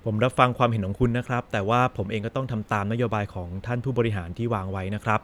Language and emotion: Thai, neutral